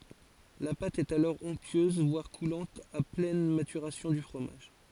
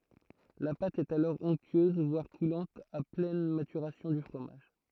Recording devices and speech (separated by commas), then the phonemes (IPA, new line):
forehead accelerometer, throat microphone, read sentence
la pat ɛt alɔʁ ɔ̃ktyøz vwaʁ kulɑ̃t a plɛn matyʁasjɔ̃ dy fʁomaʒ